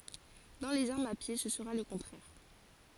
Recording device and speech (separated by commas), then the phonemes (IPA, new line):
forehead accelerometer, read sentence
dɑ̃ lez aʁmz a pje sə səʁa lə kɔ̃tʁɛʁ